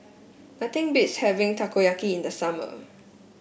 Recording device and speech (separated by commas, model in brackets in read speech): boundary microphone (BM630), read sentence